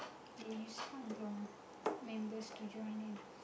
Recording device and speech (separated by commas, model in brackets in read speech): boundary microphone, conversation in the same room